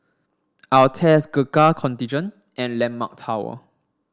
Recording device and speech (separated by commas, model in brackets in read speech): standing microphone (AKG C214), read sentence